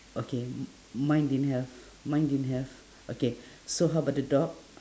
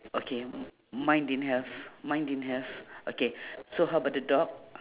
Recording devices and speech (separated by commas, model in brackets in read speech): standing microphone, telephone, conversation in separate rooms